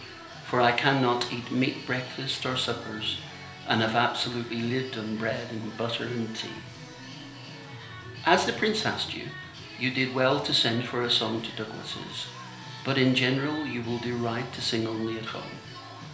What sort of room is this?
A small room (about 3.7 m by 2.7 m).